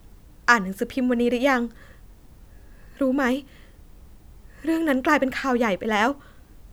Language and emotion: Thai, sad